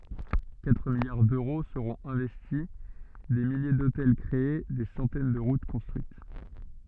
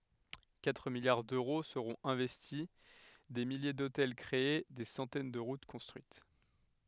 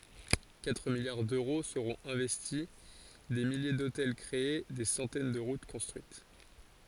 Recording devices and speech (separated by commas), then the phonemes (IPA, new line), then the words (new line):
soft in-ear microphone, headset microphone, forehead accelerometer, read sentence
katʁ miljaʁ døʁo səʁɔ̃t ɛ̃vɛsti de milje dotɛl kʁee de sɑ̃tɛn də ʁut kɔ̃stʁyit
Quatre milliards d'euros seront investis, des milliers d'hôtels créés, des centaines de routes construites.